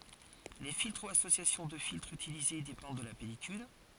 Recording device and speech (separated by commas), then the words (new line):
forehead accelerometer, read sentence
Les filtres ou associations de filtres utilisés dépendent de la pellicule.